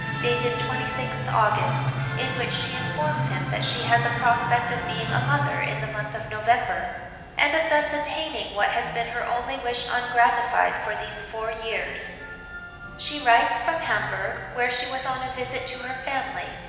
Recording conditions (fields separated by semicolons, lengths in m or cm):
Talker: one person; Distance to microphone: 1.7 m; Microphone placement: close; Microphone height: 1.0 m; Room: very reverberant, large; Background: music